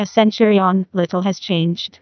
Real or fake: fake